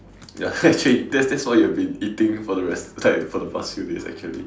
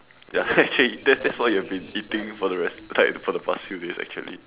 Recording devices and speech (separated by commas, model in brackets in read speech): standing microphone, telephone, conversation in separate rooms